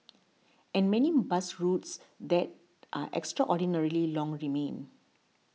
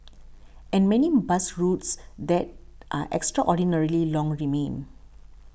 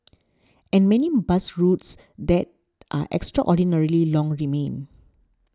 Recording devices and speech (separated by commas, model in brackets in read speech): mobile phone (iPhone 6), boundary microphone (BM630), standing microphone (AKG C214), read sentence